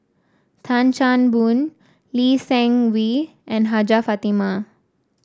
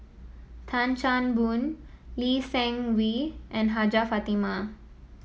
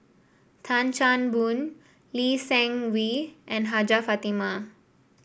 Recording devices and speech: standing microphone (AKG C214), mobile phone (iPhone 7), boundary microphone (BM630), read sentence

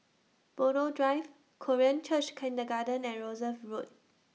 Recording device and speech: mobile phone (iPhone 6), read sentence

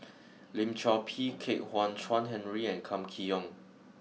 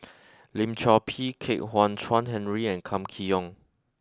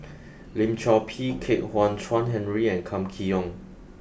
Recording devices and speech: mobile phone (iPhone 6), close-talking microphone (WH20), boundary microphone (BM630), read sentence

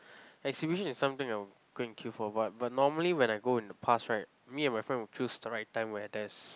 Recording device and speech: close-talking microphone, conversation in the same room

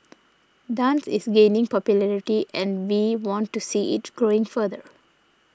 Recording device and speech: standing microphone (AKG C214), read sentence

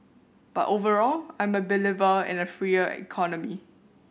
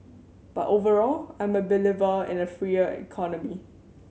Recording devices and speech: boundary microphone (BM630), mobile phone (Samsung C7100), read sentence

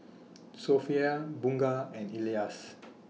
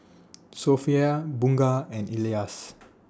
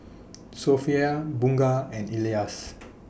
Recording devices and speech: mobile phone (iPhone 6), standing microphone (AKG C214), boundary microphone (BM630), read sentence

